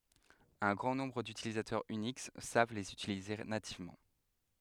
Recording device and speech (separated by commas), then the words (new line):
headset microphone, read sentence
Un grand nombre d’utilitaires Unix savent les utiliser nativement.